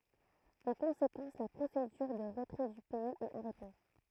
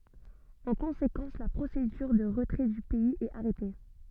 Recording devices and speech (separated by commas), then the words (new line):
throat microphone, soft in-ear microphone, read sentence
En conséquence, la procédure de retrait du pays est arrêtée.